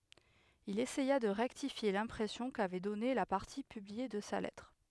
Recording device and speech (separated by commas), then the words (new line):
headset microphone, read sentence
Il essaya de rectifier l'impression qu'avait donnée la partie publiée de sa lettre.